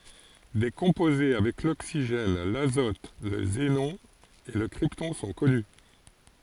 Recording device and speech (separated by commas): forehead accelerometer, read sentence